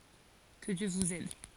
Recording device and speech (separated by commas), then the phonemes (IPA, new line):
forehead accelerometer, read sentence
kə djø vuz ɛd